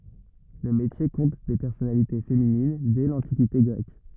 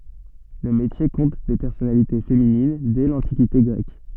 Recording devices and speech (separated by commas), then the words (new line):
rigid in-ear microphone, soft in-ear microphone, read sentence
Le métier compte des personnalités féminines dès l'Antiquité grecque.